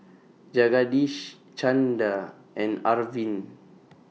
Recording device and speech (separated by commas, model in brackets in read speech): mobile phone (iPhone 6), read sentence